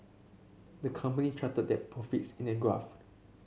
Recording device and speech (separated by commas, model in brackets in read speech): mobile phone (Samsung C7), read sentence